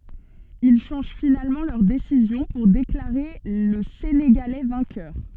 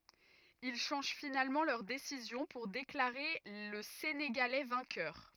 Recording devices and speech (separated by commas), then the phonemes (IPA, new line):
soft in-ear microphone, rigid in-ear microphone, read sentence
il ʃɑ̃ʒ finalmɑ̃ lœʁ desizjɔ̃ puʁ deklaʁe lə seneɡalɛ vɛ̃kœʁ